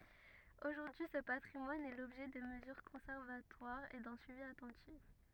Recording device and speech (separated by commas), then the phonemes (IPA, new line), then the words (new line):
rigid in-ear microphone, read sentence
oʒuʁdyi sə patʁimwan ɛ lɔbʒɛ də məzyʁ kɔ̃sɛʁvatwaʁz e dœ̃ syivi atɑ̃tif
Aujourd'hui, ce patrimoine est l'objet de mesures conservatoires et d'un suivi attentif.